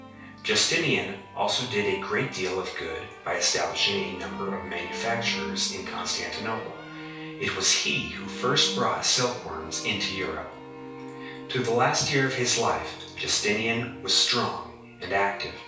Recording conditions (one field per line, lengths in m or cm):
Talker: one person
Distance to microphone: 3.0 m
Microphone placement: far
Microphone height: 1.8 m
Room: small (3.7 m by 2.7 m)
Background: music